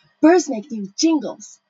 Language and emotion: English, disgusted